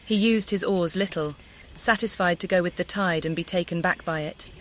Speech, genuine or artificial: artificial